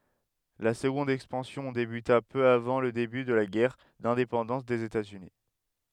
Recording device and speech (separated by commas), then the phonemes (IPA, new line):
headset microphone, read sentence
la səɡɔ̃d ɛkspɑ̃sjɔ̃ debyta pø avɑ̃ lə deby də la ɡɛʁ dɛ̃depɑ̃dɑ̃s dez etaz yni